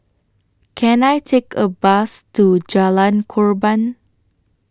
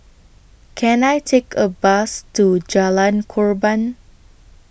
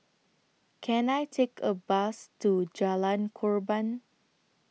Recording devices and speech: standing microphone (AKG C214), boundary microphone (BM630), mobile phone (iPhone 6), read sentence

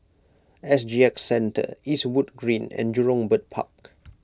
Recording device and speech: close-talking microphone (WH20), read sentence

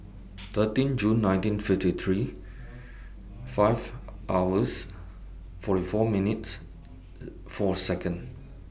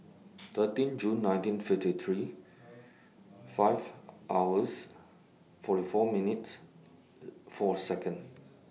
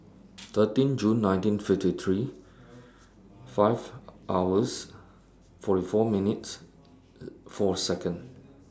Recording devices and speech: boundary microphone (BM630), mobile phone (iPhone 6), standing microphone (AKG C214), read sentence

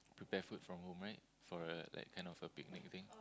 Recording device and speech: close-talking microphone, conversation in the same room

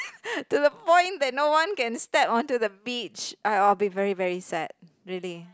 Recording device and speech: close-talking microphone, conversation in the same room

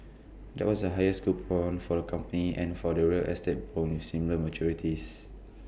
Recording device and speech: boundary microphone (BM630), read sentence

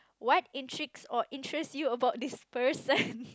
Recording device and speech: close-talking microphone, conversation in the same room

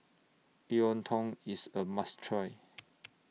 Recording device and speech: mobile phone (iPhone 6), read sentence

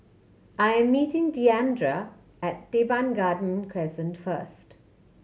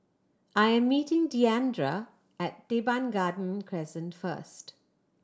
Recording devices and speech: mobile phone (Samsung C7100), standing microphone (AKG C214), read sentence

